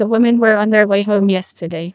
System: TTS, neural waveform model